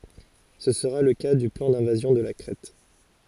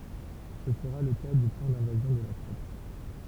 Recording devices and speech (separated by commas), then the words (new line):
forehead accelerometer, temple vibration pickup, read sentence
Ce sera le cas du plan d'invasion de la Crète.